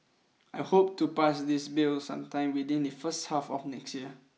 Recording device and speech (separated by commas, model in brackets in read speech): mobile phone (iPhone 6), read sentence